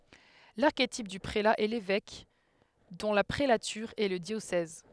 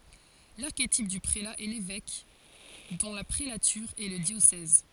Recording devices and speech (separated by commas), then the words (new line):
headset microphone, forehead accelerometer, read sentence
L'archétype du prélat est l'évêque, dont la prélature est le diocèse.